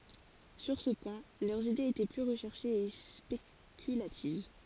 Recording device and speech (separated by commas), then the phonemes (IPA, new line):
forehead accelerometer, read sentence
syʁ sə pwɛ̃ lœʁz idez etɛ ply ʁəʃɛʁʃez e spekylativ